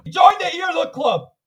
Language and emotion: English, angry